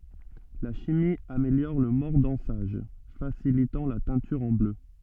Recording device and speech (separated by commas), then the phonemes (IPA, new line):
soft in-ear microphone, read sentence
la ʃimi ameljɔʁ lə mɔʁdɑ̃saʒ fasilitɑ̃ la tɛ̃tyʁ ɑ̃ blø